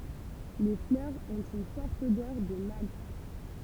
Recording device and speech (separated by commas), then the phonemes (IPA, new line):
temple vibration pickup, read sentence
le flœʁz ɔ̃t yn fɔʁt odœʁ də malt